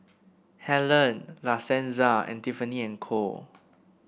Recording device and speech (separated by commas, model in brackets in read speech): boundary microphone (BM630), read sentence